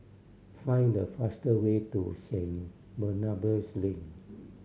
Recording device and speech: mobile phone (Samsung C7100), read sentence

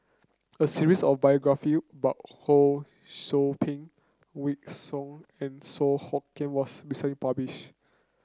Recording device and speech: close-talking microphone (WH30), read sentence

